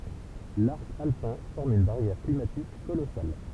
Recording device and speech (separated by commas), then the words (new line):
temple vibration pickup, read sentence
L'arc alpin forme une barrière climatique colossale.